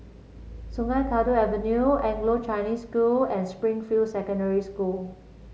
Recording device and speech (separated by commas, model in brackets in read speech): mobile phone (Samsung C7), read sentence